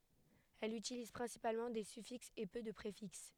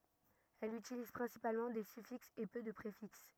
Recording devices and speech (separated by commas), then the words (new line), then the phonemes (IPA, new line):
headset microphone, rigid in-ear microphone, read sentence
Elle utilise principalement des suffixes et peu de préfixes.
ɛl ytiliz pʁɛ̃sipalmɑ̃ de syfiksz e pø də pʁefiks